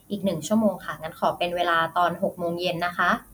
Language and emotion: Thai, neutral